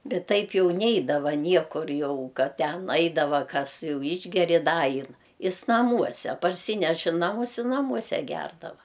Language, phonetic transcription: Lithuanian, ˈbet ˈtaip ˈjau ˈneidava ˈniekur ˈjau ˈkad ˈten ˈaidava ˈkas ˈjau ˈišgeri ˈda ˈain ˈis naˈmuose parˈsyneš i ˈnamus i naˈmuose ˈgerdava

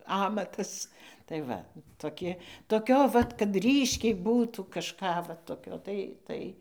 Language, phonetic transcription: Lithuanian, ˈamatas tai ˈva toˈki toˈkio vat kad ˈryškiai ˈbūtų kažˈką va toˈkio tai ˈtai

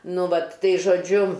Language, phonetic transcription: Lithuanian, ˈnu ˈvat ˈtai žoˈdžiu

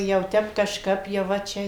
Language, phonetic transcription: Lithuanian, jau ˈtep kažˈkap jau ˈva ˈčia

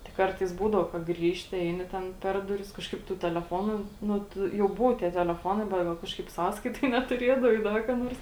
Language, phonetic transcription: Lithuanian, tik ˈkartais ˈbūdau ka ˈgrįžti ˈeini ten ˈper duˌris kažˈkaip tu teleˈfonu ˈnu ˈtu jau ˈbuvo tie teleˈfonai bet ˈgal ˈkažkaip ˈsąskaitoj netuˈrėdavai ˈda ka ˈnors

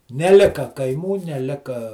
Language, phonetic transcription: Lithuanian, neˈlika kaiˈmų neˈlika

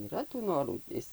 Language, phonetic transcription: Lithuanian, yˈra tų ˈnorų ˈis

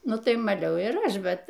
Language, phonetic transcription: Lithuanian, ˈnu ˈtai maˈliau ir ˈaš ˈbet

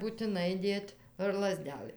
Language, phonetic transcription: Lithuanian, būtiˈnai ˈdėt' ar laˈzdelɘ

